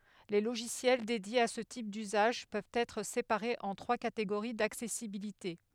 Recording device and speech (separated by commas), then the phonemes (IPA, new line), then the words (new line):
headset microphone, read sentence
le loʒisjɛl dedjez a sə tip dyzaʒ pøvt ɛtʁ sepaʁez ɑ̃ tʁwa kateɡoʁi daksɛsibilite
Les logiciels dédiés à ce type d’usage, peuvent être séparés en trois catégories d’accessibilité.